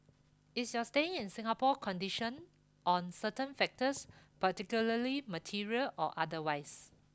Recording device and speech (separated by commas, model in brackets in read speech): close-talking microphone (WH20), read sentence